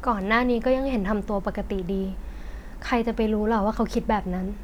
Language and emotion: Thai, frustrated